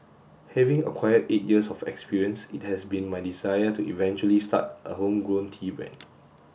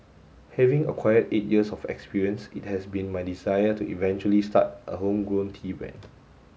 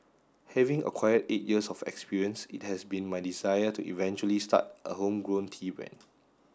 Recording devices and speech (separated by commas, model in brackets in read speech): boundary microphone (BM630), mobile phone (Samsung S8), standing microphone (AKG C214), read sentence